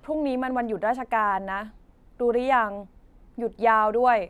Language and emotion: Thai, frustrated